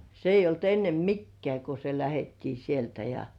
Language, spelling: Finnish, se ei ollut ennen mikään kun se lähdettiin sieltä ja
- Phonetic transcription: se ‿ij̆j ‿olt ennem "mikkĕä̀ ko se 'lähettii sieltä ja .

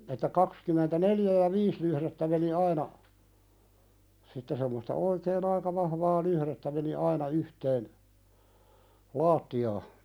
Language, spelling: Finnish, että kaksikymmentäneljä ja viisi lyhdettä meni aina sitten semmoista oikein aika vahvaa lyhdettä meni aina yhteen lattiaan
- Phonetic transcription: että 'kakskym̆mentä"neljä ja 'viis lyhðettä meni 'aina , sitte semmosta 'oikeen ‿aika vahvaa "luhðettä meni 'aina yhteen , "laatti₍aa .

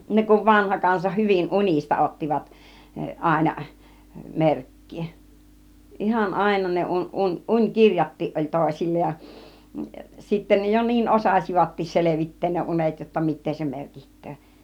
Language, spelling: Finnish, ne kun vanha kansa hyvin unista ottivat aina merkkiä ihan aina ne - - - unikirjatkin oli toisilla ja sitten ne jo niin osasivatkin selvittää ne unet jotta mitä se merkitsee
- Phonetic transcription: 'ne kuv 'vanha 'kansa hyvin "un͕ista 'ottivat , 'àina , 'merk̀kii , 'ihan "àina ne 'uń- , ˀuń- 'uń 'kirjat̆tii ˀoĺ "tòisil͕͕la ja , sitten ne jo 'niin "osàsivattiis 'selevit̆teen ne 'unet jotta 'mit̆tee se 'merkiht̆töö .

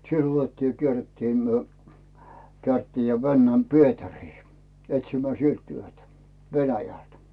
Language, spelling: Finnish, sillä otettiin ja kierrettiin me kierrettiin ja mennään Pietariin etsimään sieltä työtä Venäjältä
- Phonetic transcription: sill ‿'otettii ja 'kierrettii myö , (kärttii) ja 'vännäm "Pietärii , 'etsimää "sielt 'työtä , "Venäjlä̀t .

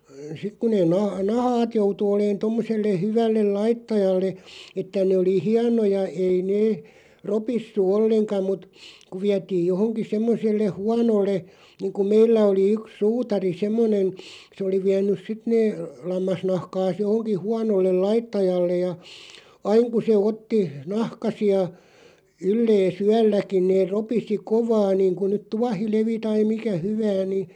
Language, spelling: Finnish, sitten kun ne - nahkat joutui olemaan tuommoiselle hyvälle laittajalle että ne oli hienoja ei ne ropissut ollenkaan mutta kun vietiin johonkin semmoiselle huonolle niin kuin meillä oli yksi suutari semmoinen se oli vienyt sitten ne lammasnahkansa johonkin huonolle laittajalle ja aina kun se otti nahkaisia yllensä yölläkin ne ropisi kovaa niin kuin nyt tuohilevi tai mikä hyvänsä niin
- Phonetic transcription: 'sik ku neen na- "nahaat 'joutu oleen 'tommoselle 'hyvällel "laittajalle , 'että nè oli "hianoja 'ei nee , 'ropissu "olleŋka mut , ku 'viätiij 'johoŋki 'semmos̆selle "huanolle , niiŋku 'meillä oli 'yk "suutari 'semmonen 'se oli 'viän̆nyˢ 'sit nee , 'lammasnahkaas 'johoŋki 'huanollel "laittajalle ̳§ ja , "aiŋ ku se 'otti , 'nahkasi₍a , 'yllee"s ‿yälläkiⁿ neer 'ropisi "kovaa niiŋku nyt 'tuahilevi tai 'mikä "hyvääⁿ ni ,.

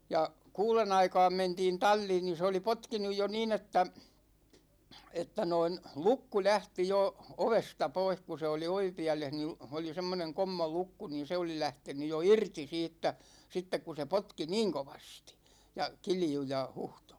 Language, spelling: Finnish, ja kuuden aikaan mentiin talliin niin se oli potkinut jo niin että että noin lukko lähti jo ovesta pois kun se oli ovipielessä niin oli semmoinen kommolukko niin se oli lähtenyt jo irti siitä sitten kun se potki niin kovasti ja kiljui ja huhtoi
- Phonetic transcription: 'ja , 'kuulen ‿aikaam 'mentiin "tal͕l͕iin ni se oli 'potkinuj jo 'niin ‿että , 'että noin , "lukku 'lähti jo , 'ovesta 'poih ku se oli 'ovipiä̗leh ni , oli semmoneŋ 'kommolukku niin̬ 'se oli 'lähteny jo "irti 'siittä , 'sittek ku se 'potki "niiŋ kovastI , ja 'kilju ja 'huhtO .

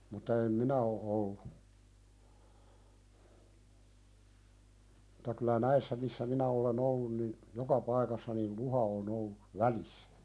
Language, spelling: Finnish, mutta en minä ole ollut mutta kyllä näissä missä minä olen ollut niin joka paikassa niin luhta on ollut välissä
- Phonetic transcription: mut̆ta em "minä o '’ollu , [mut]ta kylä "näissä missä 'minä ole"n ‿ollun nin , "joka 'paikassa nin̳ "luha o'n ‿ollu , "välissä .

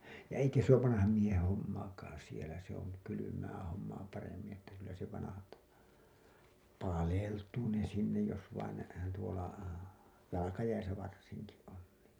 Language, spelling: Finnish, ja eikä se ole vanhan miehen hommaakaan siellä se on kylmää hommaa paremmin että kyllä se vanhalta paleltuu ne sinne jos vain ne tuolla jalkajäissä varsinkin on niin
- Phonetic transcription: ja "eikä se ‿oov 'vanaham mieheḛ 'hommaakaaa̰ sielä se ‿on , 'kylymää hommaa paremmiḭ että kyllä se vanahalta , "paleltuu ne 'sinnej jos vain ne , tuola , 'jalakajäisä varsiŋki , on nii .

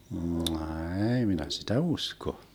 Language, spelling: Finnish, ei minä sitä usko
- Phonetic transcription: 'ɛɛi minä sitä 'usko .

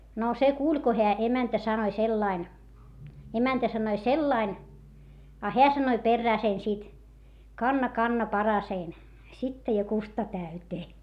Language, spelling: Finnish, no se kuuli kun heidän emäntä sanoi sillä lailla emäntä sanoi sillä lailla a hän sanoi perään sen sitten kanna kanna paraseni sittaa ja kusta täyteen
- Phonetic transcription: no se kuuĺ ko heä emäntä sanoⁱ sellain , emäntä sanoi sellain , a heä sanoⁱ perrää sen sit , » kanna kanna parasein , sitta ja kusta täytee » .

